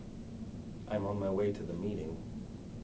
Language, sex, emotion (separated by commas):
English, male, neutral